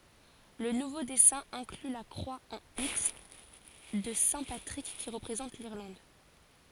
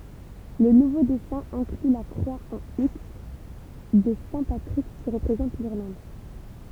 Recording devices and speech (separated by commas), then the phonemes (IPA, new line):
forehead accelerometer, temple vibration pickup, read sentence
lə nuvo dɛsɛ̃ ɛ̃kly la kʁwa ɑ̃ iks də sɛ̃ patʁik ki ʁəpʁezɑ̃t liʁlɑ̃d